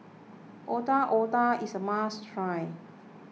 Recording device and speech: mobile phone (iPhone 6), read sentence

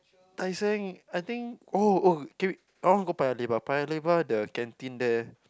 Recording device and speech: close-talking microphone, conversation in the same room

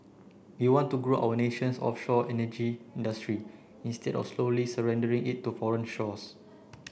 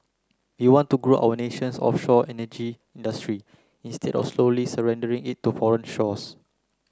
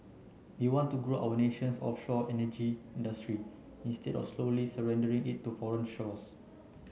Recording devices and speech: boundary microphone (BM630), close-talking microphone (WH30), mobile phone (Samsung C9), read sentence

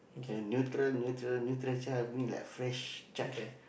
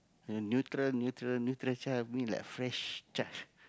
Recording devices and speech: boundary microphone, close-talking microphone, conversation in the same room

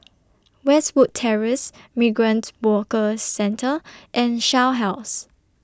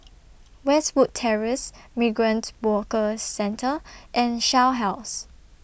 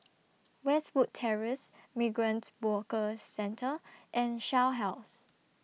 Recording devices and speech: standing microphone (AKG C214), boundary microphone (BM630), mobile phone (iPhone 6), read sentence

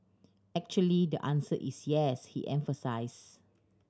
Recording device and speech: standing microphone (AKG C214), read sentence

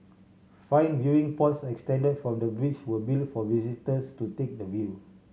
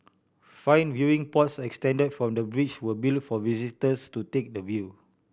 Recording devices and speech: mobile phone (Samsung C7100), boundary microphone (BM630), read sentence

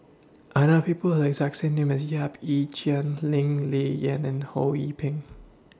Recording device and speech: standing microphone (AKG C214), read sentence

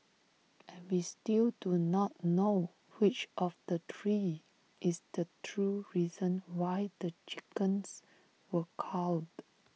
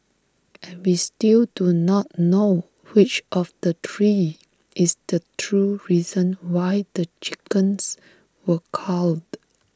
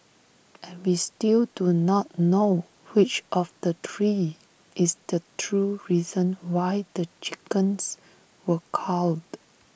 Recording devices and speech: mobile phone (iPhone 6), standing microphone (AKG C214), boundary microphone (BM630), read sentence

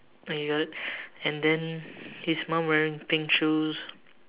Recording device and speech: telephone, conversation in separate rooms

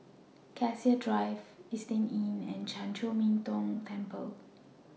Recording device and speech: mobile phone (iPhone 6), read sentence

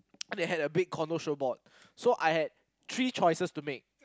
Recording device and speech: close-talking microphone, conversation in the same room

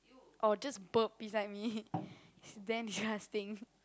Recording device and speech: close-talking microphone, conversation in the same room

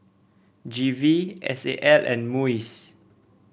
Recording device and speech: boundary microphone (BM630), read sentence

